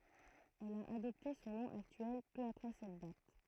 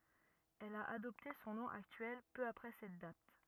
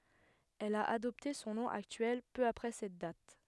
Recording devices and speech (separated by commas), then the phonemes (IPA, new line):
throat microphone, rigid in-ear microphone, headset microphone, read sentence
ɛl a adɔpte sɔ̃ nɔ̃ aktyɛl pø apʁɛ sɛt dat